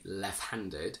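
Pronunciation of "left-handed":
In 'left-handed', the t sound is dropped. That makes this pronunciation incorrect, because the t is normally kept in 'left-handed'.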